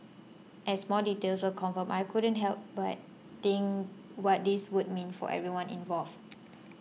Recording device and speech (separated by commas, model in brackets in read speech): mobile phone (iPhone 6), read sentence